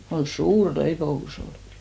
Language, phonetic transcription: Finnish, kon̬ "suur leipo₍u's ‿olɪ .
- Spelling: kun suuri leipomus oli

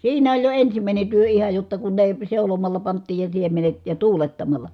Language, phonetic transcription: Finnish, siinä oĺ jo ensimä̀ine työ iha jotta kun ne , seulomalla pant̆tiij ja siemenet , ja tuulettamal̆la .
- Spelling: siinä oli jo ensimmäinen työ ihan jotta kun ne seulomalla pantiin ja siemenet ja tuulettamalla

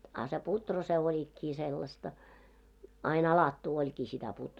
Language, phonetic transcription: Finnish, a se 'putro se oĺikkii 'sellasta , ain 'alattuu oĺkii sitä putr- .
- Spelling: a se puuro se olikin sellaista aina alattua olikin sitä -

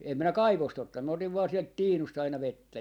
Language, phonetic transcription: Finnish, em 'minä "kaivost 'ottan , mä otiv vaa 'sielt "tiinust aina "vettä .
- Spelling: en minä kaivosta ottanut minä otin vain sieltä tiinusta aina vettä

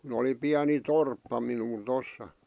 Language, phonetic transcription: Finnish, kun ‿oli 'piäni "torppa minu(l) 'tossa .
- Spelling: kun oli pieni torppa minulla tuossa

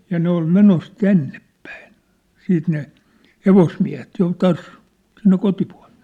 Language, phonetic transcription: Finnish, ja 'ne ‿ol 'menos "tännep̳p̳äin , 'siit ne , "hevosmiä̭het 'jo 'taas , sinne 'kotipᴜa̭ʟᴇᴇ .
- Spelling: ja ne oli menossa tännepäin siitä ne hevosmiehet jo taas sinne kotipuoleen

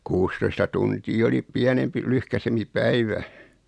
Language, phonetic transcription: Finnish, 'kuustoista tuntii oli , 'piänempi 'lyhkäsempi "päivä .
- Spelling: kuusitoista tuntia oli pienempi lyhkäisempi päivä

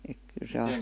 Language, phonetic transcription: Finnish, ek 'kyl se ai ,.
- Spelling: että kyllä se aina

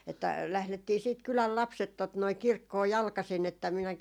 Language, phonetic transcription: Finnish, että 'lählettii siit 'kyläl "lapset tot noi "kirkkoo 'jalkasin ‿että 'minäki ,.
- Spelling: että lähdettiin sitten kylän lapset tuota noin kirkkoon jalkaisin että minäkin

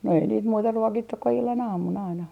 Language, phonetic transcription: Finnish, no ei niit 'muuta "ruokittuk ku 'illan 'aamun aina .
- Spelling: no ei niitä muuta ruokittu kuin illan aamun aina

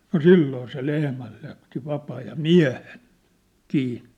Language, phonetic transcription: Finnish, no "silloo se 'lehmäl̳ jätti 'vapaa ja "miä̭he̳n , 'kii .
- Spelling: no silloin se lehmän jätti vapaa ja miehen kiinni

